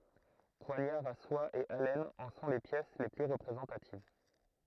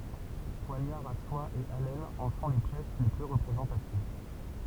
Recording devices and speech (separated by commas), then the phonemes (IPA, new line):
throat microphone, temple vibration pickup, read sentence
pwaɲaʁz a swa e alɛnz ɑ̃ sɔ̃ le pjɛs le ply ʁəpʁezɑ̃tativ